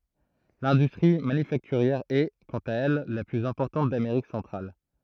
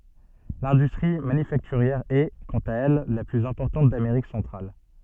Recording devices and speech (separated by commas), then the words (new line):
throat microphone, soft in-ear microphone, read sentence
L'industrie manufacturière est, quant à elle, la plus importante d'Amérique centrale.